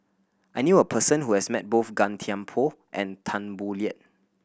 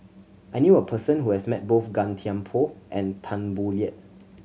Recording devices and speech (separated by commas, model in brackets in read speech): boundary microphone (BM630), mobile phone (Samsung C7100), read sentence